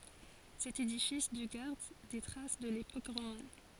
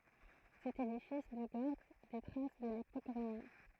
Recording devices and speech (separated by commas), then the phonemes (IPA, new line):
forehead accelerometer, throat microphone, read sentence
sɛt edifis dy ɡaʁd de tʁas də lepok ʁoman